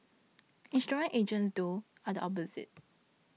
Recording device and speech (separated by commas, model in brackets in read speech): mobile phone (iPhone 6), read sentence